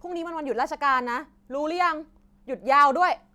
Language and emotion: Thai, angry